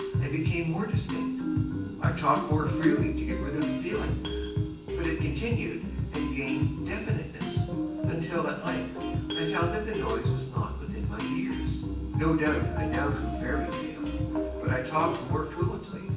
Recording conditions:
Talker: one person; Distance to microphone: 9.8 m; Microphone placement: far; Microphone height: 1.8 m; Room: large; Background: music

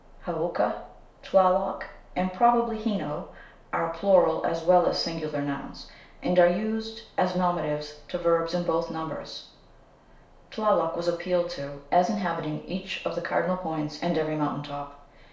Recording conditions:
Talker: one person; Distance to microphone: 1.0 m; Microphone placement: close; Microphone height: 1.1 m; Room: small (3.7 m by 2.7 m); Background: none

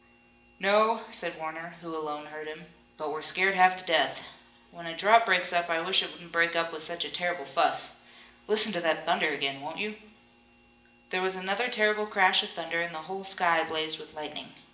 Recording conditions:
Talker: one person; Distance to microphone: 1.8 m; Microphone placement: close; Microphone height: 1.0 m; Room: large; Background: none

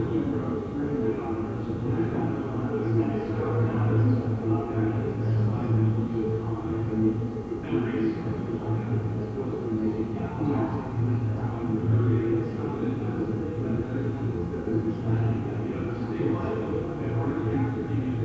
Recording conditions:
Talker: no one; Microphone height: 25 cm; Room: very reverberant, large; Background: babble

